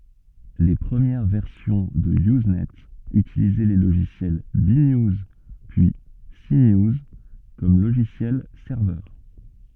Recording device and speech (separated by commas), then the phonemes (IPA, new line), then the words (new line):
soft in-ear microphone, read sentence
le pʁəmjɛʁ vɛʁsjɔ̃ də yznɛ ytilizɛ le loʒisjɛl be njuz pyi se njuz kɔm loʒisjɛl sɛʁvœʁ
Les premières versions de Usenet utilisaient les logiciels B-News, puis C-News comme logiciels serveurs.